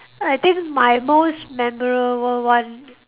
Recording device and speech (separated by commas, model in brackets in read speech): telephone, conversation in separate rooms